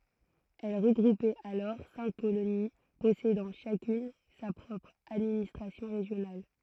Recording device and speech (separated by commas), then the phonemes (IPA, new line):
throat microphone, read sentence
ɛl ʁəɡʁupɛt alɔʁ sɛ̃k koloni pɔsedɑ̃ ʃakyn sa pʁɔpʁ administʁasjɔ̃ ʁeʒjonal